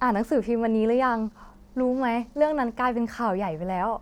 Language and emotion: Thai, happy